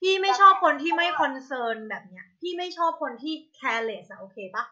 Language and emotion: Thai, frustrated